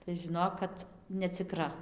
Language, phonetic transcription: Lithuanian, tai žiˈnok kad neciˈkra

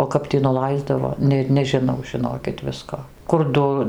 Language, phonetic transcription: Lithuanian, o ˈkap tį nuˈlaisdavo ˈnėt nežiˈnau žiˈnokit ˈvisko kur ˈdu

